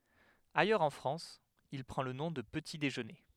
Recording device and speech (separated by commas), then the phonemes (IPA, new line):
headset microphone, read sentence
ajœʁz ɑ̃ fʁɑ̃s il pʁɑ̃ lə nɔ̃ də pəti deʒøne